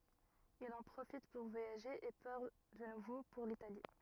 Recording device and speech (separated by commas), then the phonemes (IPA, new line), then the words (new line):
rigid in-ear microphone, read sentence
il ɑ̃ pʁofit puʁ vwajaʒe e paʁ də nuvo puʁ litali
Il en profite pour voyager et part de nouveau pour l'Italie.